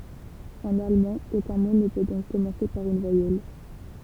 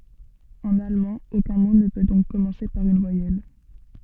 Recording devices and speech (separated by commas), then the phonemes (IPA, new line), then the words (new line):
temple vibration pickup, soft in-ear microphone, read sentence
ɑ̃n almɑ̃ okœ̃ mo nə pø dɔ̃k kɔmɑ̃se paʁ yn vwajɛl
En allemand, aucun mot ne peut donc commencer par une voyelle.